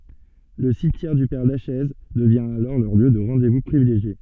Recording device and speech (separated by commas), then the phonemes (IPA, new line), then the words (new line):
soft in-ear microphone, read sentence
lə simtjɛʁ dy pɛʁ laʃɛz dəvjɛ̃ alɔʁ lœʁ ljø də ʁɑ̃de vu pʁivileʒje
Le cimetière du père Lachaise devient alors leur lieu de rendez-vous privilégié.